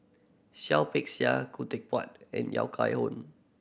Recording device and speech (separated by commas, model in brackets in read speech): boundary microphone (BM630), read sentence